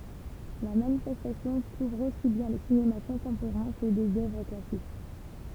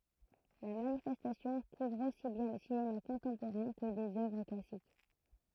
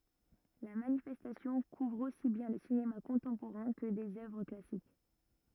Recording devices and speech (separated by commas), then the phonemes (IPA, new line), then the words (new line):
temple vibration pickup, throat microphone, rigid in-ear microphone, read sentence
la manifɛstasjɔ̃ kuvʁ osi bjɛ̃ lə sinema kɔ̃tɑ̃poʁɛ̃ kə dez œvʁ klasik
La manifestation couvre aussi bien le cinéma contemporain que des œuvres classiques.